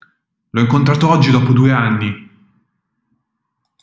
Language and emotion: Italian, surprised